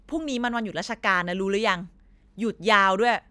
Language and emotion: Thai, frustrated